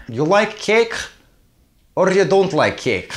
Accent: In Russian accent